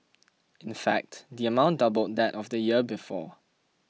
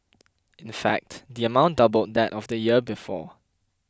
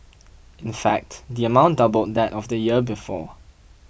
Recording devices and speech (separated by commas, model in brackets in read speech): mobile phone (iPhone 6), close-talking microphone (WH20), boundary microphone (BM630), read sentence